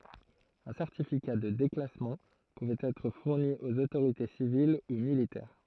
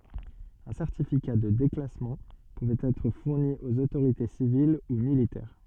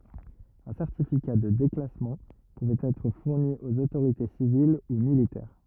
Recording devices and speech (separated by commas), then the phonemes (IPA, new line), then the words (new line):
throat microphone, soft in-ear microphone, rigid in-ear microphone, read sentence
œ̃ sɛʁtifika də deklasmɑ̃ puvɛt ɛtʁ fuʁni oz otoʁite sivil u militɛʁ
Un certificat de déclassement pouvait être fourni aux autorités civiles ou militaires.